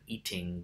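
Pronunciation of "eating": In 'eating', the t is fully pronounced, not turned into a glottal stop.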